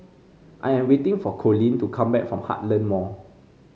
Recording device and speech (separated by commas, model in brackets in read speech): mobile phone (Samsung C5), read sentence